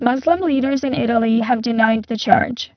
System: VC, spectral filtering